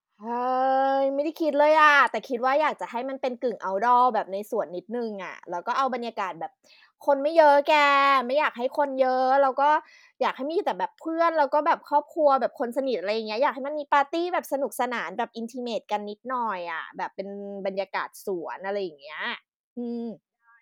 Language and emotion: Thai, happy